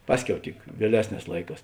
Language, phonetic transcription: Lithuanian, ˈpasˌkiau tik vieˈlesˌnēs ˈlaiˌkās

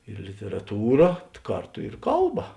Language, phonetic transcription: Lithuanian, ir literaˈtūra ˈkarˌtu ir ˈkalˌba

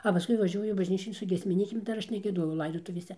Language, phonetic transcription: Lithuanian, a paˈskui vaˈžiuoju bažˈnyčion su giesmiˈnykėm ˈdar ˈaš negieˈdojau ˈlaidotuvėse

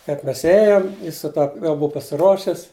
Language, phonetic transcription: Lithuanian, kaip ˈmes ˈėjom ˈjis su ˈta jau ˈbuu pasiˈruošis

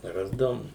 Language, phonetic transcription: Lithuanian, ˈrasdavum

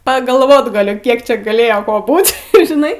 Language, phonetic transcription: Lithuanian, pagalˈvot gaˈliu ˈkiek čia gaˈlėjo ˈko ˈbūt' ir žiˈnai

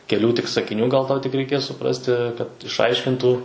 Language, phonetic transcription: Lithuanian, keˈlių tik sakiˈnių gal ˈtau tik reiˈkės suˈprasti kad ˈišaiškintų

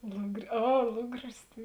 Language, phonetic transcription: Lithuanian, lugri ˈa ˈlugris tai

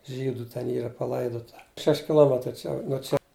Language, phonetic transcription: Lithuanian, ˈžydu ten ˈyra paˈlaidota ˈšeš' kiˈlometrai ˈčia nuo ˈčia

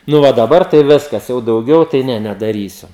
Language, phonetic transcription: Lithuanian, nu ˈva daˈbar tai ˈviskas jau dauˈgiau tai ˈne nedaˈrysiu

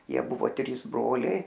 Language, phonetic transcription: Lithuanian, ˈjie ˈbuvo ˈtrys ˈbroliai

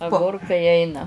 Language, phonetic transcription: Lithuanian, aˈgurkai ˈeina

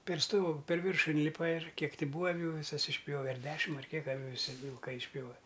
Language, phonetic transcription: Lithuanian, per ˈstogu per ˈviršu inˈlipa ir ˈkiek ˈti ˈbūa aˈvių viˈsas išˈpjove ar ˈdešim ar ˈkiek viˈsi vilˈkai išˈpjove

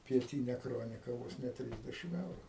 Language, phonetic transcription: Lithuanian, pieˈtynia ˈkronika ˈvos ne ˈtrysdešim ˈeuru

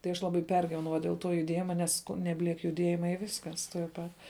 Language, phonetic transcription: Lithuanian, tai ˈaš ˈlabai ˈpergyvenau va dėl ˈto juˈdėjima ˈnes nebˈliek juˈdiejima i ˈviskas tuoj ˈpat

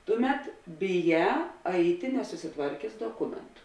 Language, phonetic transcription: Lithuanian, ˈtuˌmet biˈjā ˈaiti nesusiˈtvarkės doˈkumentu

